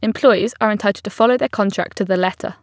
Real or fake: real